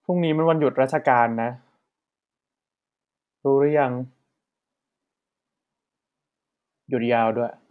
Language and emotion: Thai, neutral